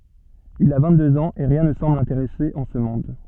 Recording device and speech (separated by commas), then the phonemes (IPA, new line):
soft in-ear microphone, read sentence
il a vɛ̃ɡtdøz ɑ̃z e ʁjɛ̃ nə sɑ̃bl lɛ̃teʁɛse ɑ̃ sə mɔ̃d